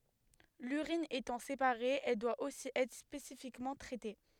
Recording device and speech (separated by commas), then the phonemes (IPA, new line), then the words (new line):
headset microphone, read sentence
lyʁin etɑ̃ sepaʁe ɛl dwa osi ɛtʁ spesifikmɑ̃ tʁɛte
L'urine étant séparée, elle doit aussi être spécifiquement traitée.